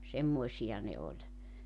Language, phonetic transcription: Finnish, 'semmoisi₍a ne 'oĺ .
- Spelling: semmoisia ne oli

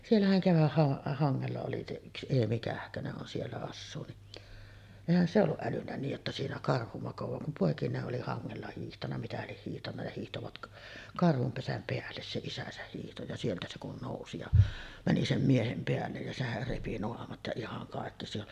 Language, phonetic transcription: Finnish, 'siellähän kevähha- , '-haŋŋella oli se 'yks "Eemi 'Kähköneˀ ˀon siellä 'assuu niˀ , 'èihän se olluˀ 'ˀälynnä niij jotta 'siinä 'karhu makovaa kum pòekinee’ ’oli 'haŋŋella hiihtanna mitä lieh hiihtanna ja 'hiihtovat , 'karhum 'pesäm "peälles se 'isäsäh hiihto ja 'sieltä se kun 'nòusi ja , mäni sem 'miehem 'peällej jä 'sehär repi "noamat ja 'ihaŋ kàekki se ‿on ,.
- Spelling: siellähän - keväthangella oli se yksi Eemi Kähkönen on siellä asuu niin eihän se ollut älynnyt niin jotta siinä karhu makaa kun poikineen oli hangella hiihtänyt mitä lie hiihtänyt ja hiihtivät karhun pesän päälle se isänsä hiihti ja sieltä se kun nousi ja meni sen miehen päälle ja sehän repi naamat ja ihan kaikki se on

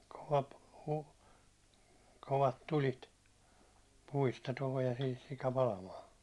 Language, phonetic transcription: Finnish, kova p- , 'kovat 'tulit , 'puista tulee sihis sika 'palamaan̬ .
- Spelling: kova - kovat tulet puista tulee siihen sika palamaan

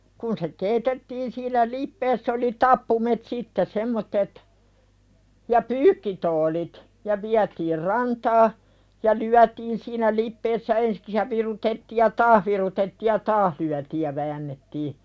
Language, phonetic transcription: Finnish, no , kun se "keeitettiin sillä 'lippeess ‿oli "tappumet sitte 'semmottet , ja "pyykkitoolit , ja 'viätiir "rantaa , ja 'lyätiin siinä "lippeessä ensᴵks ja 'virutettiij ja "taah virutettiij ja "taah lyätiij ja väännettii .
- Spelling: no kun se keitettiin sillä lipeässä oli tappuimet sitten semmoiset ja pyykkituolit ja vietiin rantaan ja lyötiin siinä lipeässä ensiksi ja virutettiin ja taas virutettiin ja taas lyötiin ja väännettiin

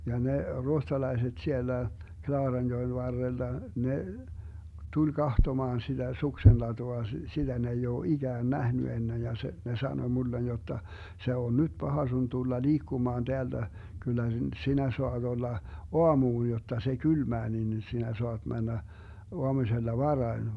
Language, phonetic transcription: Finnish, ja ne , 'ruohtalaiset 'siellä , 'Klaaranjoen 'varrella , 'ne , 'tuĺ 'kahtomaan siDä 'suksenlatua , 'sitä ne ei oo 'iGään 'nähny 'ennej ja se , 'ne 'sanoⁱ 'mullen jotta , » 'se on "nyD 'Baha sun 'tulla 'liikkumaan 'Deällä , 'Gyllä 'sinä soaD 'olla , "oamuuj jotta se 'kylmää nin 'sinä 'soaD 'männä , 'oamusella "varai̮n » .
- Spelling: ja ne ruotsalaiset siellä Klaaranjoen varrella ne tuli katsomaan sitä suksenlatua sitä ne ei ole ikään nähnyt ennen ja se ne sanoi minulle jotta se on nyt paha sinun tulla liikkumaan täällä kyllä sinä saat olla aamuun jotta se kylmää niin sinä saat mennä aamusella varhain

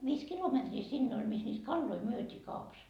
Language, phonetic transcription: Finnish, 'viis "kilometrii 'sinne oĺ mis niit "kalloi 'myötii 'kaupas .
- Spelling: viisi kilometriä sinne oli missä niitä kaloja myytiin kaupassa

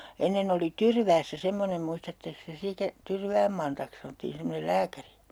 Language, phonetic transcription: Finnish, 'ennen ‿oli "Tyrväässä 'semmonem muistatteks te 'sitä , "Tyrvääm Mantaks 'sanᵒttiin semmonel "lääkäri ?
- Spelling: ennen oli Tyrväässä semmoinen muistattekos te sitä Tyrvään Mantaksi sanottiin semmoinen lääkäri

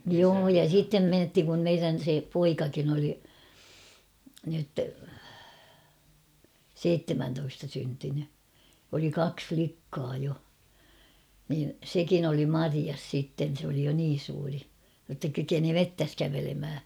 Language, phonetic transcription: Finnish, joo ja 'sittem 'menthiŋ kum 'meirän̬ se "poikakin ‿oli , nyt , "seittemäntoista syntyny , oli "kaks 'flikkaa jo , niin̬ "sekin ‿oli "marias sitten̬ sᵉ ‿oli jo 'niin̬ suuri , jotta 'kykeni "mettäs 'kävelemhä .
- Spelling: joo ja sitten mentiin kun meidän se poikakin oli nyt seitsemäntoista syntynyt oli kaksi likkaa jo niin sekin oli marjassa sitten se oli jo niin suuri jotta kykeni metsässä kävelemään

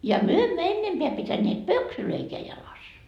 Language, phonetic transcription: Finnish, ja myö emmö "ennempeä pitäneet "pöksylöikeä jalas .
- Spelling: ja me emme ennempää pitäneet pöksyjäkään jalassa

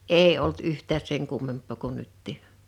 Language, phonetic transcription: Finnish, ee olt 'yht̆tääs seŋ 'kummemp̆pò ko 'nyttì .
- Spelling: ei ollut yhtään sen kummempaa kuin nytkin

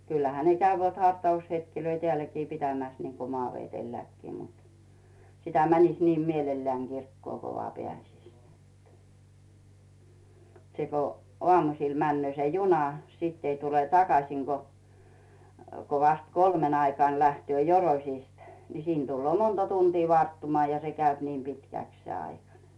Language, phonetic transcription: Finnish, kyllähä ne käyvät 'hartaushetkilöi "teälläkii 'pitämäs niŋko 'Mᵒaavetelläkkii mut , sitä 'mäniś niim 'mielellääŋ 'Girkkᵘòŋ Go 'voà "peä̀sis , se ko 'ᵒamusil 'männöö se "juna , 'sìtt ‿ei tule "takasìŋ Go , ko vast "kolmeŋ ‿aikaan̬ 'lähtʸö "Joroⁱsist , ni 'siin Dullᵘò 'monta tuntii 'varttumᵒà ja 'se käyp ni 'pitkä̀ks se 'aika nᴇ .
- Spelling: kyllähän ne käyvät hartaushetkiä täälläkin pitämässä niin kuin Maavedelläkin mutta sitä menisi niin mielellään kirkkoon kun vain pääsisi se kun aamusilla menee se juna sitten ei tule takaisin kuin kuin vasta kolmen aikaan lähtee Joroisista niin siinä tulee monta tuntia varttumista ja se käy niin pitkäksi se aika niin

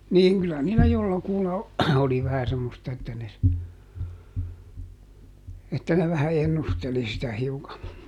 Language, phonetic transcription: Finnish, niiŋ kylä niilä ˈjollakulla , ˈoli vähä ˈsemmosta että ne ‿s- , että ne vähä ˈennusteli sitä hiuka .
- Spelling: niin kyllä niillä jollakulla oli vähän semmoista että ne - että ne vähän ennusteli sitä hiukan

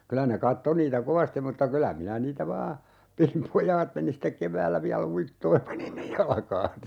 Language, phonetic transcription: Finnish, 'kylä ne "katto niitä 'kovastim mutta "kylä 'minä 'niitä "vaa , pilim "pojaat meni sⁱtek 'keväällä viä"l ‿uittoo(j ja 'pani ne) 'jalᵃkaansa .
- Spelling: kyllä ne katsoi niitä kovasti mutta kyllä minä niitä vain pidin pojat meni sitten keväällä vielä uittoon ja pani ne jalkaansa

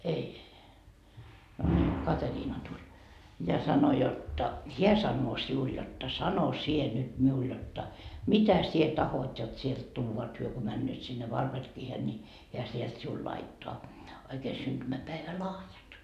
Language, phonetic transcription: Finnish, 'ei , no ńii , 'Kateriina tuĺ , ja sano jotta » "heä sannoo 'siul jotta 'sano 'sie nyt miul jotta , "mitä sie 'tahot jot sielt 'tuuva et hyö ko 'männööt sinne 'Varperkiihen ni , hiä 'sielt siul 'laittoa , oikee 'synDymäpäevä"lahjat » .
- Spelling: ei no niin Kateriina tuli ja sanoi jotta hän sanoo sinulle jotta sano sinä nyt minulle jotta mitä sinä tahdot jotta sieltä tuodaan että he kun menevät sinne Varbergiin niin hän sieltä sinulle laittaa oikein syntymäpäivälahjat

